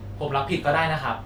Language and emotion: Thai, frustrated